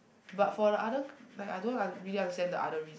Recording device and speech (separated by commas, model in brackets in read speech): boundary microphone, conversation in the same room